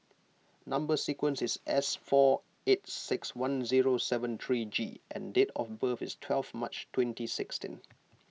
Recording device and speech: mobile phone (iPhone 6), read sentence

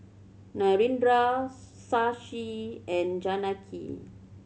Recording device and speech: mobile phone (Samsung C7100), read sentence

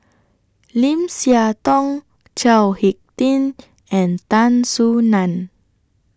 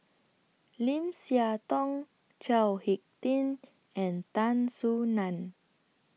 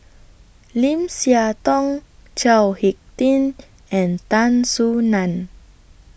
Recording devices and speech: standing microphone (AKG C214), mobile phone (iPhone 6), boundary microphone (BM630), read sentence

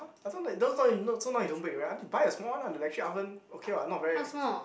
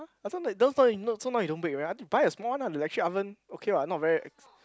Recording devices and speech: boundary microphone, close-talking microphone, conversation in the same room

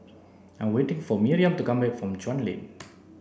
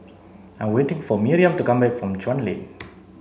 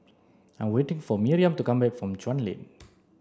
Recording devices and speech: boundary microphone (BM630), mobile phone (Samsung C7), standing microphone (AKG C214), read sentence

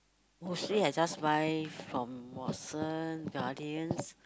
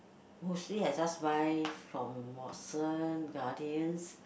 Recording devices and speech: close-talking microphone, boundary microphone, conversation in the same room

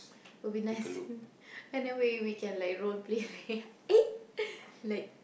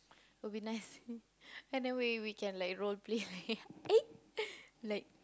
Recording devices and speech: boundary microphone, close-talking microphone, conversation in the same room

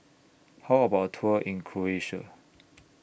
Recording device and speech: boundary microphone (BM630), read sentence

